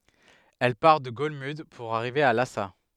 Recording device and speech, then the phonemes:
headset microphone, read sentence
ɛl paʁ də ɡɔlmyd puʁ aʁive a lasa

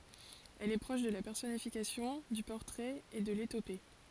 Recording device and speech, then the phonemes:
forehead accelerometer, read sentence
ɛl ɛ pʁɔʃ də la pɛʁsɔnifikasjɔ̃ dy pɔʁtʁɛt e də letope

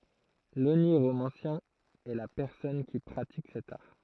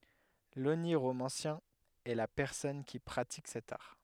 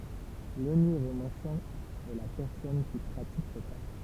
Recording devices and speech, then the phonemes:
throat microphone, headset microphone, temple vibration pickup, read sentence
loniʁomɑ̃sjɛ̃ ɛ la pɛʁsɔn ki pʁatik sɛt aʁ

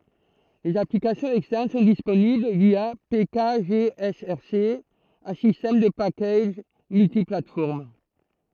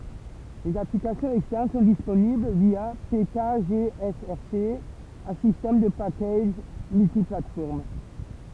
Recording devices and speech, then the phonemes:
throat microphone, temple vibration pickup, read sentence
lez aplikasjɔ̃z ɛkstɛʁn sɔ̃ disponibl vja pekaʒeɛsɛʁse œ̃ sistɛm də pakaʒ myltiplatfɔʁm

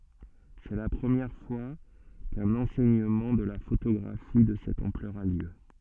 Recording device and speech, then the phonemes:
soft in-ear microphone, read sentence
sɛ la pʁəmjɛʁ fwa kœ̃n ɑ̃sɛɲəmɑ̃ də la fotoɡʁafi də sɛt ɑ̃plœʁ a ljø

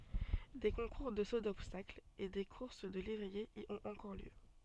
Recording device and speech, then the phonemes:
soft in-ear microphone, read sentence
de kɔ̃kuʁ də so dɔbstakl e de kuʁs də levʁiez i ɔ̃t ɑ̃kɔʁ ljø

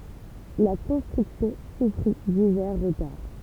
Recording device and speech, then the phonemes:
temple vibration pickup, read sentence
la kɔ̃stʁyksjɔ̃ sufʁi divɛʁ ʁətaʁ

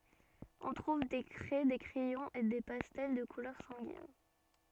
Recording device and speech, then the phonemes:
soft in-ear microphone, read sentence
ɔ̃ tʁuv de kʁɛ de kʁɛjɔ̃z e de pastɛl də kulœʁ sɑ̃ɡin

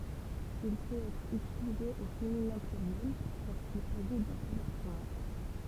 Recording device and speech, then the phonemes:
temple vibration pickup, read sentence
il pøt ɛtʁ ytilize o feminɛ̃ plyʁjɛl loʁskil saʒi dœ̃ sœl ɛ̃stʁymɑ̃

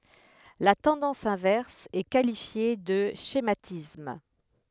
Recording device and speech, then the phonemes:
headset microphone, read sentence
la tɑ̃dɑ̃s ɛ̃vɛʁs ɛ kalifje də ʃematism

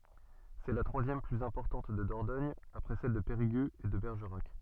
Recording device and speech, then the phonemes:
soft in-ear microphone, read sentence
sɛ la tʁwazjɛm plyz ɛ̃pɔʁtɑ̃t də dɔʁdɔɲ apʁɛ sɛl də peʁiɡøz e də bɛʁʒəʁak

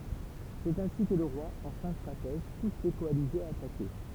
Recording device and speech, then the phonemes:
temple vibration pickup, read sentence
sɛt ɛ̃si kə lə ʁwa ɑ̃ fɛ̃ stʁatɛʒ pus le kɔalizez a atake

